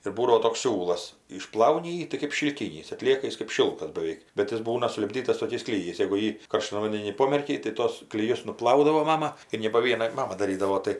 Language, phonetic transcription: Lithuanian, ir ˈbūdavo toks ˈsiūlas išˈplauni ˈjį tai kɜp šilˈkynys atˈlieka ˈjis kɜp ˈšilkas baˈveik bet ir ˈbūna sulipˈdytas toˈkiais kliˈjais jegu ˈjį karˈštan vandeˈny ˈpomerkei tai ˈtos kliˈjus nuˈplaudavo ˈmama ir ne po ˈviena ˈmama daˈrydavo ˈtai

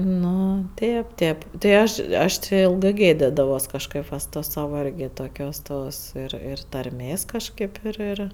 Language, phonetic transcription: Lithuanian, ˈnu ˈtėp ˈtėp tai ˈaš ˈaš ti ˈilgɜ ˈgėdidavos kažˈkɜp va su ˈtos ˈsava ˈirgi toˈkios ˈtos ir ˈir tarˈmės kažˈkaip ir ˈir

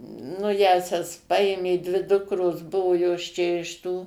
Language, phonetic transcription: Lithuanian, nu ˈjąsias ˈpaėmė dvi ˈdukros ˈbuvo jos ˈčia iš ˈtų

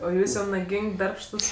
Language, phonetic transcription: Lithuanian, o ˈjūs jau naˈging' ˈdarbštus

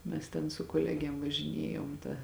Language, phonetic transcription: Lithuanian, ˈmes ten su koˈlegėm važiˈniejom ta

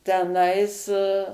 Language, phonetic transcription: Lithuanian, teˈnais

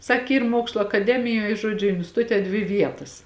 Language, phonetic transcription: Lithuanian, ˈsak ˈyr ˈmuokslu akaˈdemijoj ˈžuodžiu instiˈtute dvi ˈvietas

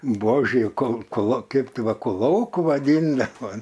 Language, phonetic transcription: Lithuanian, ˈbuožė kol koˈlo ˈkeip ˈtai ˈva kuˈlouku vaˈdyndava

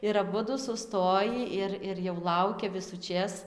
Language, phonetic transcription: Lithuanian, ir aˈbudu suˈstojį ˈir ir jau ˈlaukia visuˈčės

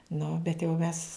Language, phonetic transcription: Lithuanian, ˈnu bet jau ˈmes

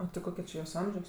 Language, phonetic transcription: Lithuanian, o tai ˈkoke či jos ˈamžios

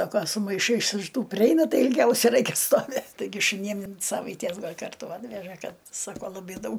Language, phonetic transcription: Lithuanian, ˈsako su maiˈšais iš ˈtų priˈeina ˈtai ilˈgiausia ˈraikia stoˈvėt taiˈgi šuˈnym in ˈsavaities ˈgal' ˈkartu ˈatveža ˈkad ˈsako laˈbai ˈdaug

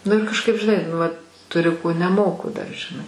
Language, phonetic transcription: Lithuanian, ˈnu ir kažˈkaip žiˈnai nu ˈvat tuˈriu ko neˈmoku dar žiˈnai

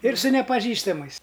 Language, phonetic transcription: Lithuanian, ˈir su nepaˈžįstamais

